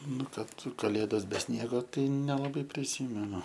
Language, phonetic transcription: Lithuanian, ˈnu ˈkad kaˈlėdos be ˈsniego ˈtai nelaˈbai priˈsymenu

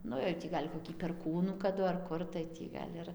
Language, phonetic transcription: Lithuanian, ˈnu jau ˈtį gal' koˈkį perˈkūnų kaˈdu ar ˈkur tai ˈtį gal' ˈir

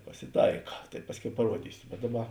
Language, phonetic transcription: Lithuanian, pasiˈtaika tai ˈpasˌkiau paˈruodysiu bet ˈdaˌba

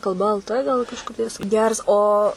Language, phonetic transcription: Lithuanian, kalˈba el ˈtɘ ˈgal kažˈkaip jis ˈgers ˈo

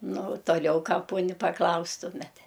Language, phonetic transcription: Lithuanian, ˈnu u toˈliau ˈką ˈponi paˈklaustumet

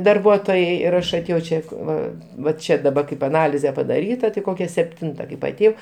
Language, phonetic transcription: Lithuanian, darˈbuotojai ir ˈaš aˈtėjau ˈčia ˈva va ˈčia daˈba kaip aˈnalize padaˈryta tai ˈkokia sepˈtinta kaip aˈtėjau

